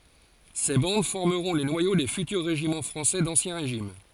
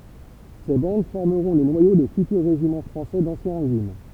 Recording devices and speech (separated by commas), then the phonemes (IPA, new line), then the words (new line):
forehead accelerometer, temple vibration pickup, read sentence
se bɑ̃d fɔʁməʁɔ̃ le nwajo de fytyʁ ʁeʒimɑ̃ fʁɑ̃sɛ dɑ̃sjɛ̃ ʁeʒim
Ces bandes formeront les noyaux des futurs régiments français d'Ancien Régime.